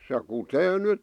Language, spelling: Finnish, se kutee nyt
- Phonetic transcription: se 'kutee 'nyt ,.

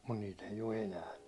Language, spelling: Finnish, mutta niitä ei ole enää
- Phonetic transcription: mut niit ‿eij ‿o 'enää .

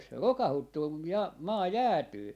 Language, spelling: Finnish, se rokauttuu kun - maa jäätyy
- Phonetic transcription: se "rokahuttuu kuj ja- , "maa "jäätyy .

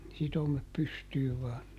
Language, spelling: Finnish, sitomet pystyyn vain
- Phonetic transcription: ˈsitomep ˈpystyyv ˈvaan .

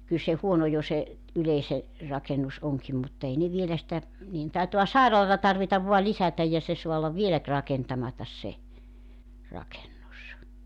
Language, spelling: Finnish, kyllä se huono jo se yleisen rakennus onkin mutta ei ne vielä sitä niiden taitaa sairaalaa tarvita vain lisätä ja se saa olla vielä - rakentamatta se rakennus
- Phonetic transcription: kyl se 'huono jo se , 'yleise , 'rakenus 'oŋkim mut't ‿ei ne 'vielä sitä , nii₍en 'taitoa "sairalata 'tarvitav vua "lisätäj ja 'se 'soa ollav "vielä (t-) 'rakentamatas 'se , 'rakennus .

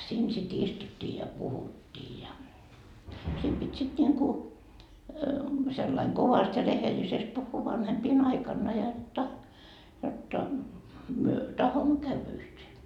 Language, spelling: Finnish, siinä sitten istuttiin ja puhuttiin ja sitten piti sitten niin kuin sillä lailla kovasti ja rehellisesti puhua vanhempien aikana jotta jotta me tahdomme käydä yhteen
- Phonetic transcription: 'siin sit 'istuttii ja "puhuttii ja , sit pit́ sit 'ńiŋku , sellaiŋ 'kovast ja 'rehelisest puhhuu 'vanhempii'n ‿aikanna jotta , jotta , myö "tahommo 'käyvä yhtee .

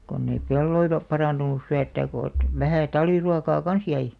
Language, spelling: Finnish, kun ei pelloilla parantunut syöttää kun että vähän talviruokaa kanssa jäi
- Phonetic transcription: konn ‿ei 'pelloila , "paràntunus 'syöttääk ko ᵉt , 'vähä̀ 'talᵛiruakaa "kans jäi .

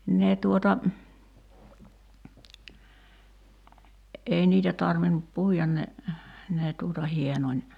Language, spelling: Finnish, ne tuota ei niitä tarvinnut puida ne ne tuota hienoni
- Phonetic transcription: 'ne tuota , 'ei niitä 'tarvinup "puijan ne , nee tuuta 'hienoń .

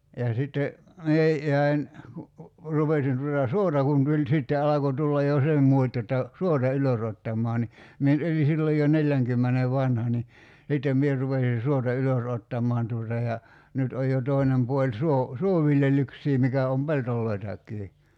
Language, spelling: Finnish, ja sitten minä jäin kun rupesin tuota suota kun tuli sitten alkoi tulla jo se muoti jotta suota ylösottamaan niin minä nyt olin silloin jo neljänkymmenen vanha niin sitten minä rupesin suota ylös ottamaan tuota ja nyt on jo toinen puoli - suoviljelyksiä mikä on peltojakin
- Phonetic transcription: ja 'sitte , 'mie , 'jäi̬n , ku , 'rupesin tuta "suota kun tuĺ 'sitte 'alako tullaj jo 'se m̀uot́ jotta , 'suota "ylösottam̀ɔa ni , 'mie nyt 'oli sillo jo 'neĺĺäŋkymmene "vanha ni , '(s)ittem 'mier̳§ rupesi 'suota "ylös 'ottam̆maan tuota ja , 'nyt oj jo 'tòinem 'puoĺ 'suo- , "suoviljel̀yksii 'mikä om "peltol̀oitakkii .

